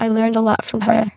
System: VC, spectral filtering